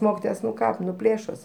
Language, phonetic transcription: Lithuanian, ˈmokitojas ˈnu ˈką ˈplėšos

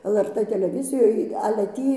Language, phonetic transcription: Lithuanian, el er ˈtɘ teleˈvizijoj ale ˈtį

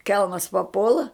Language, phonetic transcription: Lithuanian, ˈkelmas paˈpuola

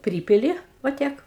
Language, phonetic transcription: Lithuanian, ˈprypili va ˈtiek

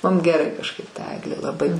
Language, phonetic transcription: Lithuanian, ˈmum geˈrai kažˈkaip ta ˈeglė laˈbai

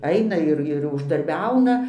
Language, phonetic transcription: Lithuanian, ˈaina ir ir uždarˈbiauna

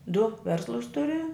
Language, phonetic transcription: Lithuanian, du ˈverslus ˈturi

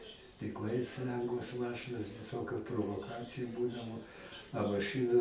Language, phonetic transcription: Lithuanian, stikˈlais ˈlengvos ˈmašɨnos viˈsokiu provoˈkaciju ˈbūdavo a maˈšɨnu

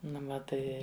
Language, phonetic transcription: Lithuanian, ˈnu va ˈtai

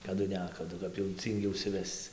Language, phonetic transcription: Lithuanian, kaˈdu ˈnekadu kap jau ˈcyngi užsiˈvesc

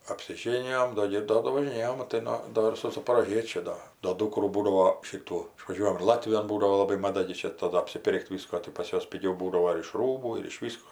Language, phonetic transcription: Lithuanian, apsiˈžėnijom ˈdo gi ir ˈdo do važiˈnėjom maˈtai no ˈdo ir su zaporoˈžiečiu ˈdo do ˈdūkrų ˈbūdavo ˈšitų išvaˈžiuojam ir ˈlatvijon ˈbūdavo laˈbai maˈda gi ˈčia taˈdu apsiˈpir'k't' ˈvisko tai pas ˈjuos piˈgiau ˈbūdavo ir iš ˈrūbų ir iš ˈvysko

